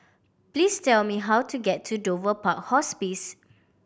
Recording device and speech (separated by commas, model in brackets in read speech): boundary microphone (BM630), read sentence